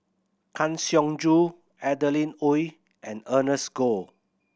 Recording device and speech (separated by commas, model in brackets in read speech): boundary microphone (BM630), read sentence